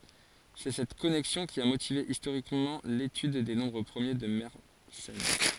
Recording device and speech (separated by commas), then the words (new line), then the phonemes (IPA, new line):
forehead accelerometer, read sentence
C'est cette connexion qui a motivé historiquement l'étude des nombres premiers de Mersenne.
sɛ sɛt kɔnɛksjɔ̃ ki a motive istoʁikmɑ̃ letyd de nɔ̃bʁ pʁəmje də mɛʁsɛn